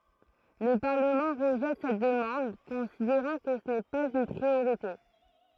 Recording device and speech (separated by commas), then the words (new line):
throat microphone, read sentence
Le Parlement rejette cette demande, considérant que ce n'est pas une priorité.